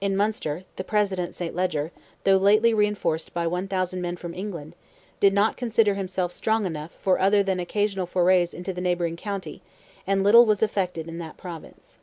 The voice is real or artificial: real